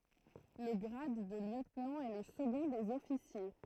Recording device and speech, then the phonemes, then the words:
throat microphone, read sentence
lə ɡʁad də ljøtnɑ̃ ɛ lə səɡɔ̃ dez ɔfisje
Le grade de lieutenant est le second des officiers.

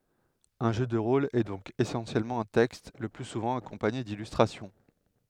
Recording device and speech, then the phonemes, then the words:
headset microphone, read sentence
œ̃ ʒø də ʁol ɛ dɔ̃k esɑ̃sjɛlmɑ̃ œ̃ tɛkst lə ply suvɑ̃ akɔ̃paɲe dilystʁasjɔ̃
Un jeu de rôle est donc essentiellement un texte, le plus souvent accompagné d'illustrations.

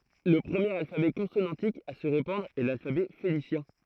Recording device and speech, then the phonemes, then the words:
throat microphone, read sentence
lə pʁəmjeʁ alfabɛ kɔ̃sonɑ̃tik a sə ʁepɑ̃dʁ ɛ lalfabɛ fenisjɛ̃
Le premier alphabet consonantique à se répandre est l'alphabet phénicien.

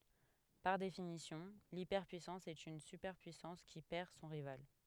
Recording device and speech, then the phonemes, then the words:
headset microphone, read sentence
paʁ definisjɔ̃ lipɛʁpyisɑ̃s ɛt yn sypɛʁpyisɑ̃s ki pɛʁ sɔ̃ ʁival
Par définition, l’hyperpuissance est une superpuissance qui perd son rival.

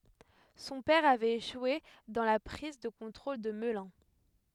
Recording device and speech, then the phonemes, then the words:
headset microphone, read sentence
sɔ̃ pɛʁ avɛt eʃwe dɑ̃ la pʁiz də kɔ̃tʁol də məlœ̃
Son père avait échoué dans la prise de contrôle de Melun.

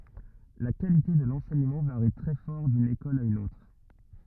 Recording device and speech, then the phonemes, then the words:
rigid in-ear microphone, read sentence
la kalite də lɑ̃sɛɲəmɑ̃ vaʁi tʁɛ fɔʁ dyn ekɔl a yn otʁ
La qualité de l'enseignement varie très fort d'une école à une autre.

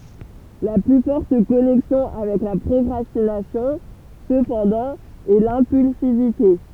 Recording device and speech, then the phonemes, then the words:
temple vibration pickup, read sentence
la ply fɔʁt kɔnɛksjɔ̃ avɛk la pʁɔkʁastinasjɔ̃ səpɑ̃dɑ̃ ɛ lɛ̃pylsivite
La plus forte connexion avec la procrastination, cependant, est l'impulsivité.

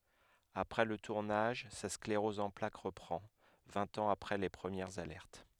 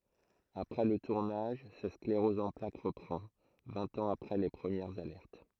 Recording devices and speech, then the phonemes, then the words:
headset microphone, throat microphone, read sentence
apʁɛ lə tuʁnaʒ sa skleʁɔz ɑ̃ plak ʁəpʁɑ̃ vɛ̃t ɑ̃z apʁɛ le pʁəmjɛʁz alɛʁt
Après le tournage, sa sclérose en plaques reprend, vingt ans après les premières alertes.

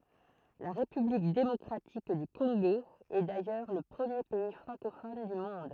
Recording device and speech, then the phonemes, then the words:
throat microphone, read sentence
la ʁepyblik demɔkʁatik dy kɔ̃ɡo ɛ dajœʁ lə pʁəmje pɛi fʁɑ̃kofɔn dy mɔ̃d
La République démocratique du Congo est d’ailleurs le premier pays francophone du monde.

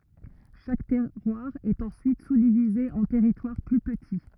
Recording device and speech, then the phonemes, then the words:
rigid in-ear microphone, read sentence
ʃak tɛʁwaʁ ɛt ɑ̃syit suzdivize ɑ̃ tɛʁitwaʁ ply pəti
Chaque terroir est ensuite sous-divisé en territoires plus petits.

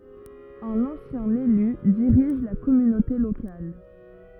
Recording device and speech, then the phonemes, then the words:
rigid in-ear microphone, read sentence
œ̃n ɑ̃sjɛ̃ ely diʁiʒ la kɔmynote lokal
Un ancien élu dirige la communauté locale.

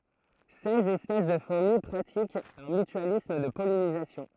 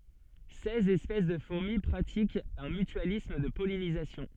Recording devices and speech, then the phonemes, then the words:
throat microphone, soft in-ear microphone, read sentence
sɛz ɛspɛs də fuʁmi pʁatikt œ̃ mytyalism də pɔlinizasjɔ̃
Seize espèces de fourmis pratiquent un mutualisme de pollinisation.

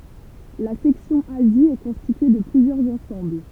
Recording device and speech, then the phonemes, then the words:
temple vibration pickup, read sentence
la sɛksjɔ̃ azi ɛ kɔ̃stitye də plyzjœʁz ɑ̃sɑ̃bl
La section Asie est constituée de plusieurs ensembles.

